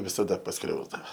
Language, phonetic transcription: Lithuanian, visaˈda pasˈkriausdava

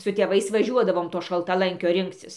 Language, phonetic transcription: Lithuanian, su tėˈvais vaˈžiuodavom to šaltaˈlankio ˈrinkcis

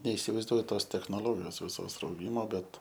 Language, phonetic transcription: Lithuanian, neisivaizˈduoju ˈtos technoˈlogijos viˈsos rauˈgimo ˈbet

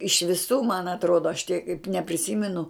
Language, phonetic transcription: Lithuanian, iš viˈsų man atˈrodo aš tiek nepriˈsymenu

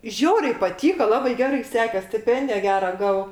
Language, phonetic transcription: Lithuanian, ˈžiauriai paˈtyko ˈlabai ˈgerai ˈsekės stiˈpendija ˈgera ˈgavau

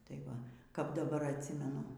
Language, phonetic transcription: Lithuanian, tai ˈva kap daˈbar atˈsimenu

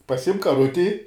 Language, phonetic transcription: Lithuanian, paˈsimk kaˈruti

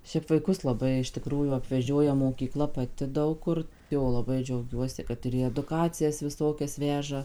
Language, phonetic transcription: Lithuanian, ˈšiaip vaiˈkus laˈbai iš tiˈkrųjų apveˈžioja mokyˈkla paˈti ˈdaug kur ˈjo laˈbai džiauˈgiuosi ˈkad ir į eduˈkacijas viˈsokias ˈveža

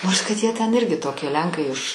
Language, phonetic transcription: Lithuanian, ˈnors kad ˈjie ten ˈirgi ˈtokie ˈlenkai iš

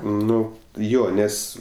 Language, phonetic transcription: Lithuanian, ˈnu ˈjo ˈnes

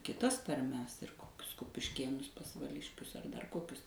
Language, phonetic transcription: Lithuanian, kiˈtas tarˈmes ir ˈkokius kupišˈkėnus pasvaˈliškius ar dar ˈkokius

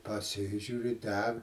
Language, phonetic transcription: Lithuanian, paˈsižiūri ˈdeg

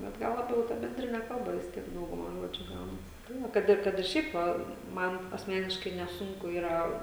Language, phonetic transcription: Lithuanian, bet ˈgal laˈbiau ta benˈdrine ˈkalba vis ˈtiek ˈdauguma ˈžodžiu ˈgaunas ˈbūna ˈkad ir ˈkad ir ˈšiaip va ˈman asˈmeniškai neˈsunku ˈyra

